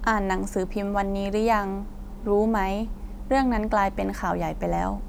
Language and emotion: Thai, neutral